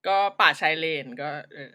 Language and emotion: Thai, neutral